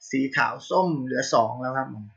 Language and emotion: Thai, neutral